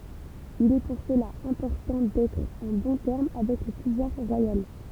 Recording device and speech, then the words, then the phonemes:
temple vibration pickup, read sentence
Il est pour cela important d'être en bons termes avec le pouvoir royal.
il ɛ puʁ səla ɛ̃pɔʁtɑ̃ dɛtʁ ɑ̃ bɔ̃ tɛʁm avɛk lə puvwaʁ ʁwajal

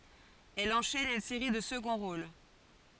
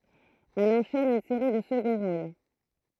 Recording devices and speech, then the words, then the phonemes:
forehead accelerometer, throat microphone, read sentence
Elle enchaîne une série de seconds rôles.
ɛl ɑ̃ʃɛn yn seʁi də səɡɔ̃ ʁol

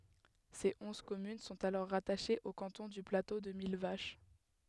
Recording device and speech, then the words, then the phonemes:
headset microphone, read sentence
Ses onze communes sont alors rattachées au canton du Plateau de Millevaches.
se ɔ̃z kɔmyn sɔ̃t alɔʁ ʁataʃez o kɑ̃tɔ̃ dy plato də milvaʃ

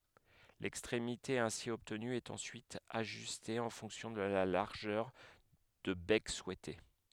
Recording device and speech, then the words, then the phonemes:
headset microphone, read sentence
L'extrémité ainsi obtenue est ensuite ajustée en fonction de la largeur de bec souhaitée.
lɛkstʁemite ɛ̃si ɔbtny ɛt ɑ̃syit aʒyste ɑ̃ fɔ̃ksjɔ̃ də la laʁʒœʁ də bɛk suɛte

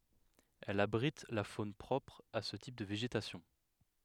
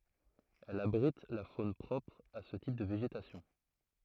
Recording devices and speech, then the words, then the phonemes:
headset microphone, throat microphone, read sentence
Elle abrite la faune propre à ce type de végétation.
ɛl abʁit la fon pʁɔpʁ a sə tip də veʒetasjɔ̃

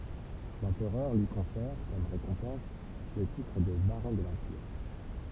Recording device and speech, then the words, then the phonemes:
temple vibration pickup, read sentence
L'Empereur lui confère, comme récompense, le titre de baron de l'Empire.
lɑ̃pʁœʁ lyi kɔ̃fɛʁ kɔm ʁekɔ̃pɑ̃s lə titʁ də baʁɔ̃ də lɑ̃piʁ

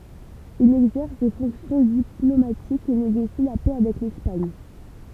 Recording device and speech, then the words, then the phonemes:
temple vibration pickup, read sentence
Il exerce des fonctions diplomatiques et négocie la paix avec l'Espagne.
il ɛɡzɛʁs de fɔ̃ksjɔ̃ diplomatikz e neɡosi la pɛ avɛk lɛspaɲ

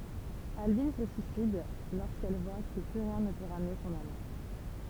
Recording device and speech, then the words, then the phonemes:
temple vibration pickup, read sentence
Albine se suicide lorsqu’elle voit que plus rien ne peut ramener son amant.
albin sə syisid loʁskɛl vwa kə ply ʁjɛ̃ nə pø ʁamne sɔ̃n amɑ̃

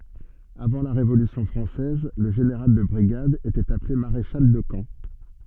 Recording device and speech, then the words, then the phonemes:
soft in-ear microphone, read sentence
Avant la Révolution française, le général de brigade était appelé maréchal de camp.
avɑ̃ la ʁevolysjɔ̃ fʁɑ̃sɛz lə ʒeneʁal də bʁiɡad etɛt aple maʁeʃal də kɑ̃

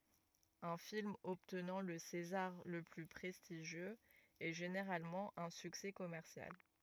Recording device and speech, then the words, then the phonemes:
rigid in-ear microphone, read sentence
Un film obtenant le César le plus prestigieux est généralement un succès commercial.
œ̃ film ɔbtnɑ̃ lə sezaʁ lə ply pʁɛstiʒjøz ɛ ʒeneʁalmɑ̃ œ̃ syksɛ kɔmɛʁsjal

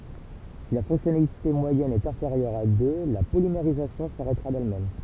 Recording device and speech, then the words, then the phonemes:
temple vibration pickup, read sentence
Si la fonctionnalité moyenne est inférieure à deux, la polymérisation s'arrêtera d'elle-même.
si la fɔ̃ksjɔnalite mwajɛn ɛt ɛ̃feʁjœʁ a dø la polimeʁizasjɔ̃ saʁɛtʁa dɛlmɛm

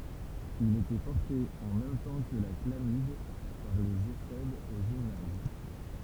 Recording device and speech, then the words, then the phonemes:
temple vibration pickup, read sentence
Il était porté, en même temps que la chlamyde, par les éphèbes au gymnase.
il etɛ pɔʁte ɑ̃ mɛm tɑ̃ kə la klamid paʁ lez efɛbz o ʒimnaz

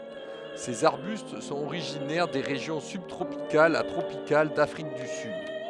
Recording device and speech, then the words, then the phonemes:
headset microphone, read sentence
Ces arbustes sont originaires des régions sub-tropicales à tropicales d'Afrique du Sud.
sez aʁbyst sɔ̃t oʁiʒinɛʁ de ʁeʒjɔ̃ sybtʁopikalz a tʁopikal dafʁik dy syd

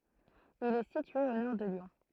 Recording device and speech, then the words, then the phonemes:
throat microphone, read sentence
Il est situé au nord de Lyon.
il ɛ sitye o nɔʁ də ljɔ̃

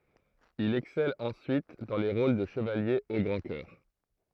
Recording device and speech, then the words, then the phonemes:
throat microphone, read sentence
Il excelle ensuite dans les rôles de chevalier au grand cœur.
il ɛksɛl ɑ̃syit dɑ̃ le ʁol də ʃəvalje o ɡʁɑ̃ kœʁ

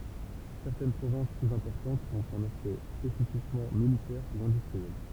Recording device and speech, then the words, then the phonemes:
temple vibration pickup, read sentence
Certaines provinces plus importantes ont un aspect spécifiquement militaire ou industriel.
sɛʁtɛn pʁovɛ̃s plyz ɛ̃pɔʁtɑ̃tz ɔ̃t œ̃n aspɛkt spesifikmɑ̃ militɛʁ u ɛ̃dystʁiɛl

